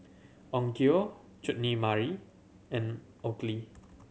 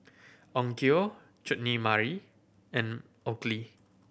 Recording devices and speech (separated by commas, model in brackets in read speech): mobile phone (Samsung C7100), boundary microphone (BM630), read sentence